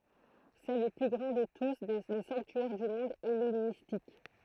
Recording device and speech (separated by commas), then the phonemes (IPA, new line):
throat microphone, read sentence
sɛ lə ply ɡʁɑ̃ də tu le sɑ̃ktyɛʁ dy mɔ̃d ɛlenistik